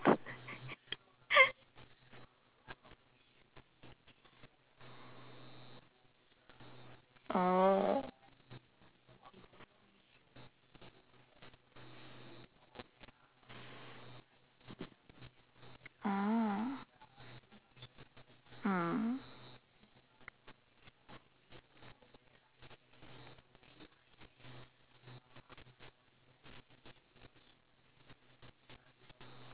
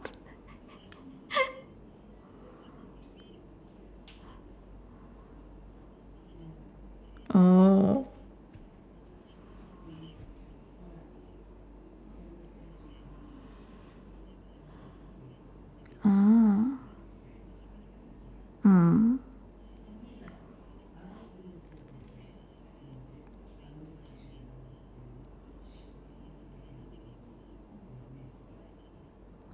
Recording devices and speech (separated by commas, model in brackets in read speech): telephone, standing microphone, conversation in separate rooms